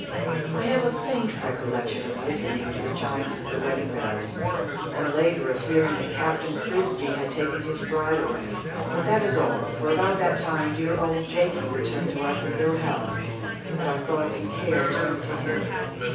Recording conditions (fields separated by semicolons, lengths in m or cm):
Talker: one person; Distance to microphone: 9.8 m; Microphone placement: far; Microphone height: 1.8 m; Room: large; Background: babble